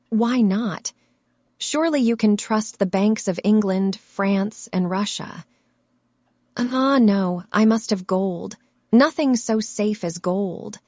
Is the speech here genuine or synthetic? synthetic